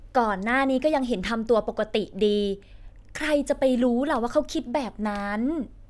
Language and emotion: Thai, frustrated